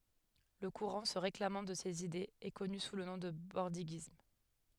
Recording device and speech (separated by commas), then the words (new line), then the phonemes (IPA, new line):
headset microphone, read sentence
Le courant se réclamant de ses idées est connu sous le nom de bordiguisme.
lə kuʁɑ̃ sə ʁeklamɑ̃ də sez idez ɛ kɔny su lə nɔ̃ də bɔʁdiɡism